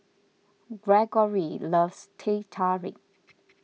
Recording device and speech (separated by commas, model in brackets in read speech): mobile phone (iPhone 6), read sentence